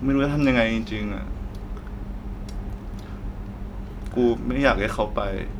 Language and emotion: Thai, sad